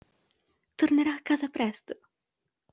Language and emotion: Italian, happy